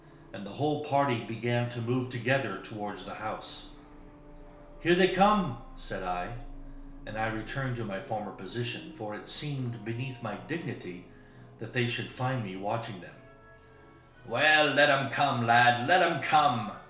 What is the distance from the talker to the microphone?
1.0 m.